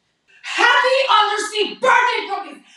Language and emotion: English, angry